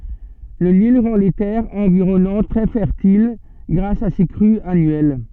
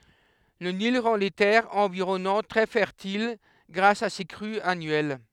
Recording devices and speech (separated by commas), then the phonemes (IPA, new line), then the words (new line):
soft in-ear microphone, headset microphone, read sentence
lə nil ʁɑ̃ le tɛʁz ɑ̃viʁɔnɑ̃t tʁɛ fɛʁtil ɡʁas a se kʁyz anyɛl
Le Nil rend les terres environnantes très fertiles grâce à ses crues annuelles.